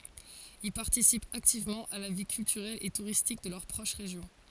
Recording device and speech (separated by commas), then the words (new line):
forehead accelerometer, read sentence
Ils participent activement à la vie culturelle et touristique de leur proche région.